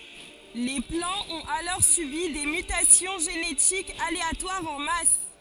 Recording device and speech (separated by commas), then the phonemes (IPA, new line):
forehead accelerometer, read sentence
le plɑ̃z ɔ̃t alɔʁ sybi de mytasjɔ̃ ʒenetikz aleatwaʁz ɑ̃ mas